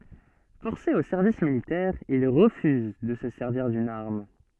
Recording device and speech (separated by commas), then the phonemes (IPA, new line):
soft in-ear microphone, read sentence
fɔʁse o sɛʁvis militɛʁ il ʁəfyz də sə sɛʁviʁ dyn aʁm